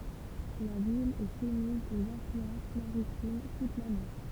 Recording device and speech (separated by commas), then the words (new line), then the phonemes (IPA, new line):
temple vibration pickup, read sentence
La ville est soumise aux influences maritimes toute l'année.
la vil ɛ sumiz oz ɛ̃flyɑ̃s maʁitim tut lane